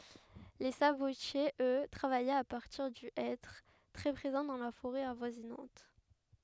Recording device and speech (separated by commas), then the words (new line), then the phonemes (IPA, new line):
headset microphone, read sentence
Les sabotiers, eux, travaillaient à partir du hêtre, très présent dans la forêt avoisinante.
le sabotjez ø tʁavajɛt a paʁtiʁ dy ɛtʁ tʁɛ pʁezɑ̃ dɑ̃ la foʁɛ avwazinɑ̃t